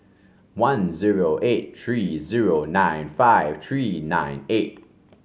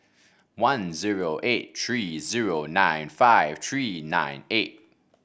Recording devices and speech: mobile phone (Samsung C5), boundary microphone (BM630), read sentence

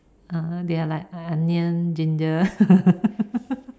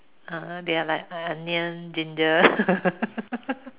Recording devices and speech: standing microphone, telephone, conversation in separate rooms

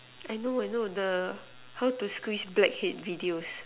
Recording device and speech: telephone, conversation in separate rooms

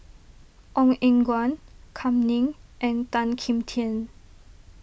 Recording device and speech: boundary microphone (BM630), read sentence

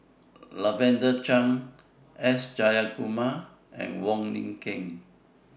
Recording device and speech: boundary microphone (BM630), read sentence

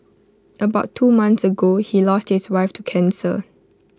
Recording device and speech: close-talking microphone (WH20), read sentence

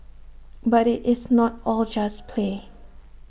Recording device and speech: boundary microphone (BM630), read sentence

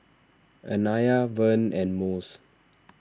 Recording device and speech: standing microphone (AKG C214), read sentence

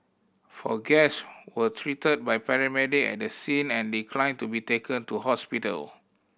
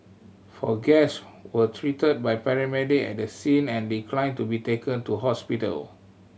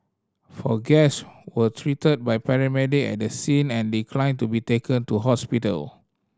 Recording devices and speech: boundary microphone (BM630), mobile phone (Samsung C7100), standing microphone (AKG C214), read sentence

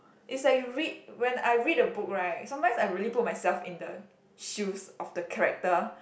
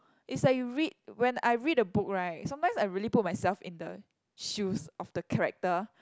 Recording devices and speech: boundary microphone, close-talking microphone, conversation in the same room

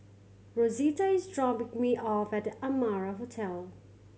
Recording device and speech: mobile phone (Samsung C7100), read sentence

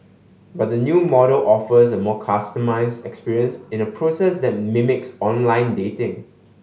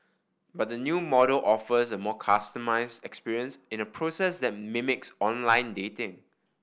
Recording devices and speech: mobile phone (Samsung S8), boundary microphone (BM630), read sentence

